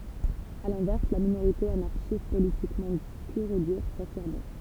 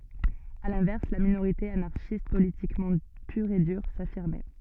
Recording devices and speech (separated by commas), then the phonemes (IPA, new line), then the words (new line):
temple vibration pickup, soft in-ear microphone, read sentence
a lɛ̃vɛʁs la minoʁite anaʁʃist politikmɑ̃ pyʁ e dyʁ safiʁmɛ
À l'inverse, la minorité anarchiste politiquement pure et dure, s'affirmait.